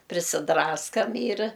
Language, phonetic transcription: Lithuanian, prisiˈdraskam yr

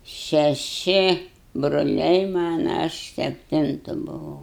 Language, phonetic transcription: Lithuanian, šeˈši broˈliai ˈmana ˈaš sepˈtintu buˈvau

